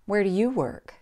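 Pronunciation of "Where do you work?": In 'Where do you work?', the stress falls on 'you'.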